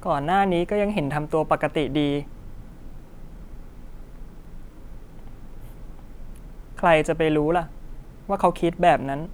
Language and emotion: Thai, sad